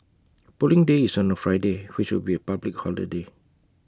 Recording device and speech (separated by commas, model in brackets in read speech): close-talking microphone (WH20), read sentence